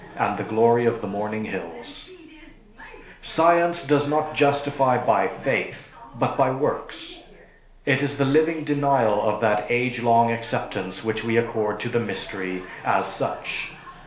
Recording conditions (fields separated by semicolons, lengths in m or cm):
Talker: one person; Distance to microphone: 1.0 m; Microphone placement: close; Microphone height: 1.1 m; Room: small (3.7 m by 2.7 m); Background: television